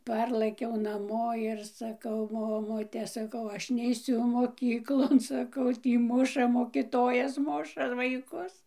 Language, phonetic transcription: Lithuanian, ˈparlɘkiau naˈmo ir saˈkau ˈmomute saˈkau ˈaš neiˈsiu moˈkyklon saˈkau ˈtį ˈmuša mokiˈtojas ˈmuša vaiˈkus

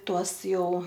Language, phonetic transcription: Lithuanian, ˈtuos ˈjau

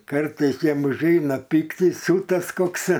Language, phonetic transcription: Lithuanian, ˈkartais ˈjiem užˈeina ˈpyktis ˈsiūtas ˈkoks

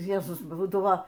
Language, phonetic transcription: Lithuanian, ˈjezus ˈbūdavo

